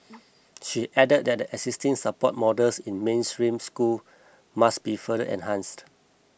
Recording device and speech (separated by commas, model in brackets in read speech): boundary microphone (BM630), read sentence